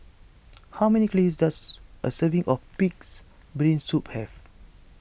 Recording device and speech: boundary microphone (BM630), read sentence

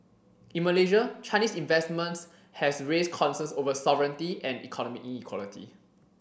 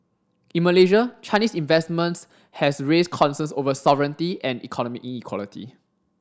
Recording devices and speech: boundary microphone (BM630), standing microphone (AKG C214), read sentence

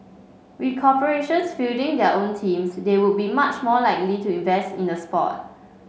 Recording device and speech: mobile phone (Samsung C5), read sentence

